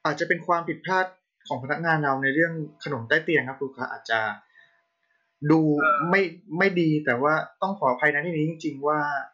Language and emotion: Thai, sad